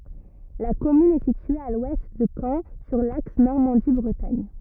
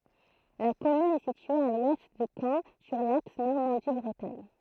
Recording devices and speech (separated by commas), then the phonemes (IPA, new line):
rigid in-ear microphone, throat microphone, read sentence
la kɔmyn ɛ sitye a lwɛst də kɑ̃ syʁ laks nɔʁmɑ̃di bʁətaɲ